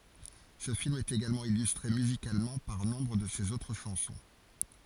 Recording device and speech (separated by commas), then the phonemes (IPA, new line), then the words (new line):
forehead accelerometer, read sentence
sə film ɛt eɡalmɑ̃ ilystʁe myzikalmɑ̃ paʁ nɔ̃bʁ də sez otʁ ʃɑ̃sɔ̃
Ce film est également illustré musicalement par nombre de ses autres chansons.